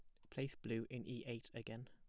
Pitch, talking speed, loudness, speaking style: 120 Hz, 230 wpm, -48 LUFS, plain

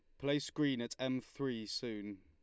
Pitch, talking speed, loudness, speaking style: 130 Hz, 175 wpm, -39 LUFS, Lombard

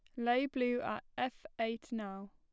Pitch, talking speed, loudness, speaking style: 245 Hz, 170 wpm, -37 LUFS, plain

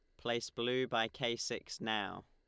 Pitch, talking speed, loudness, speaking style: 120 Hz, 175 wpm, -37 LUFS, Lombard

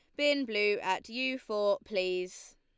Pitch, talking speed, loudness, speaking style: 210 Hz, 150 wpm, -31 LUFS, Lombard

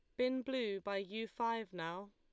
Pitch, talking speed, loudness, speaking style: 220 Hz, 185 wpm, -40 LUFS, Lombard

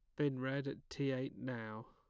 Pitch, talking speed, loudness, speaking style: 135 Hz, 210 wpm, -41 LUFS, plain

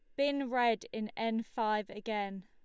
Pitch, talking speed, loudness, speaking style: 225 Hz, 160 wpm, -34 LUFS, Lombard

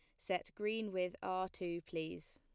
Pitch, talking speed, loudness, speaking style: 185 Hz, 170 wpm, -41 LUFS, plain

